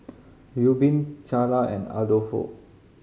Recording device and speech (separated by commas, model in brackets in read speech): mobile phone (Samsung C5010), read sentence